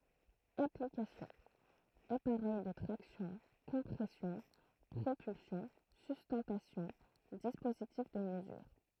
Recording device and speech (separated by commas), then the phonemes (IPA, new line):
throat microphone, read sentence
aplikasjɔ̃ apaʁɛj də tʁaksjɔ̃ kɔ̃pʁɛsjɔ̃ pʁopylsjɔ̃ systɑ̃tasjɔ̃ dispozitif də məzyʁ